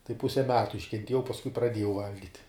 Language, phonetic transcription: Lithuanian, tai ˈpuse ˈmetu iškenˈtiejau pasˈkui praˈdiejau ˈvalgit'

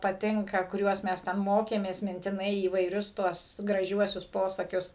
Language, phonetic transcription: Lithuanian, paˈtinka kuˈriuos ˈmes ˈten ˈmokėmės mintiˈnai įvaiˈrius ˈtuos graˈžiuosius ˈposakius

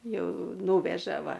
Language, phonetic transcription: Lithuanian, ˈjau ˈnūveža ˈva

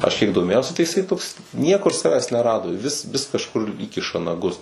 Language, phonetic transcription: Lithuanian, ˈaš kiek doˈmėjausi tai iˈsai toks ˈniekur ˈsaves neˈrado ˈvis vis kažˈkur ˈįkiša naˈgus

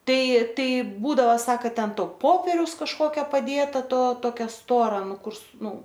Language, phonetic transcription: Lithuanian, ˈtai ˈtai ˈbūdava ˈsaka ˈten ˈto ˈpoperiaus kažˈkokio paˈdėta ˈto toˈkia ˈstora ˈnu ˈkur su ˈnu

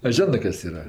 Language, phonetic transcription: Lithuanian, a ˈžionɜ ˈkas ˈyra

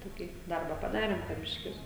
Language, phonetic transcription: Lithuanian, ˈtokį ˈdarba paˈdarėm po ˈbiškis

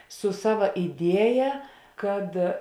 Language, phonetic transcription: Lithuanian, su ˈsava iˈdieja ˈkad

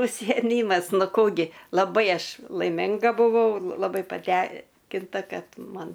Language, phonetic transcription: Lithuanian, užsijeˈmymas ˈnu ˈkų gi laˈbai ˈaš laiˈminga buˈvau laˈbai paˈtenkinta ˈkad ˈman

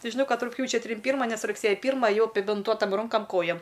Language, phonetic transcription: Lithuanian, ˈti žiˈnau ˈkad rugˈpjūčia ˈtrim ˈpyrma ˈnes rugˈsėja ˈpyrmą aˈjau apibinˈtuotam ˈrunkam ˈkojam

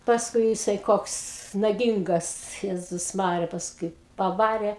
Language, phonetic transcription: Lithuanian, pasˈkui jiˈsai ˈkoks naˈgingas ˈjezus ˈmarija pasˈkui paˈvarė

